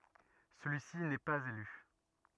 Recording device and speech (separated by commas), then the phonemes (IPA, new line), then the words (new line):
rigid in-ear microphone, read sentence
səlyi si nɛ paz ely
Celui-ci n'est pas élu.